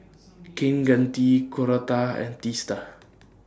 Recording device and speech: standing microphone (AKG C214), read sentence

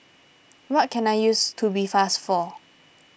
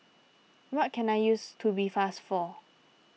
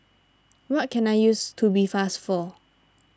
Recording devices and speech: boundary microphone (BM630), mobile phone (iPhone 6), standing microphone (AKG C214), read sentence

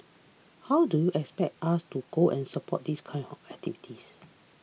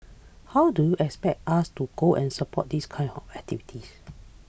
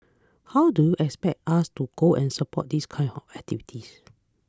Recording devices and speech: mobile phone (iPhone 6), boundary microphone (BM630), close-talking microphone (WH20), read sentence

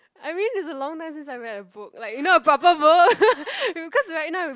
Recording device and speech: close-talking microphone, conversation in the same room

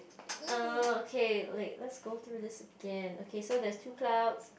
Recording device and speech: boundary microphone, conversation in the same room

